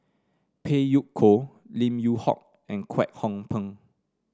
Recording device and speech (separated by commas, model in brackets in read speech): standing microphone (AKG C214), read sentence